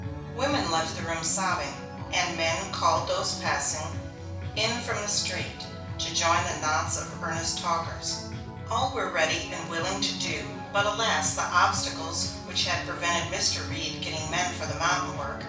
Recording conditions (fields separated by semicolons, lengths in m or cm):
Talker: one person; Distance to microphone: 5.8 m; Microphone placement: far; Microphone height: 1.8 m; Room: medium-sized (5.7 m by 4.0 m); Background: music